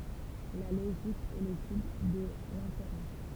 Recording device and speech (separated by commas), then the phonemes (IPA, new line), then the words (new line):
temple vibration pickup, read sentence
la loʒik ɛ letyd də lɛ̃feʁɑ̃s
La logique est l’étude de l’inférence.